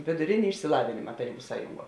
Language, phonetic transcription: Lithuanian, vėduˈrėni išsiˈlavinima taˈrybu ˈsąjunˌguo

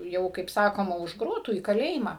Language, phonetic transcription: Lithuanian, ˈjau kaip ˈsakoma už ˈgrotų į kaˈlėjimą

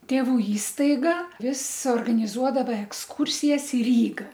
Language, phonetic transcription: Lithuanian, tėˈvų ˈįstaiga ˈvis organiˈzuodava eksˈkūrsijas i ˈryga

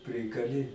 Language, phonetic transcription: Lithuanian, ˈprikali

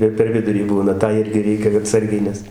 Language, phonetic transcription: Lithuanian, ir per ˈvidurį ˈbūna ˈtą ˈirgi ˈreikia aˈtsargiai ˈnes

